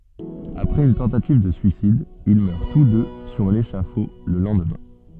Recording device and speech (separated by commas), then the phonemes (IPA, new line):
soft in-ear microphone, read sentence
apʁɛz yn tɑ̃tativ də syisid il mœʁ tus dø syʁ leʃafo lə lɑ̃dmɛ̃